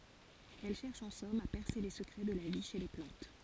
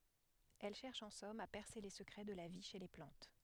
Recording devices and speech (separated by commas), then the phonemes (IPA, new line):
forehead accelerometer, headset microphone, read sentence
ɛl ʃɛʁʃ ɑ̃ sɔm a pɛʁse le səkʁɛ də la vi ʃe le plɑ̃t